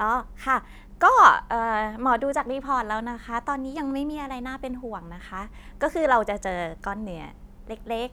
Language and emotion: Thai, neutral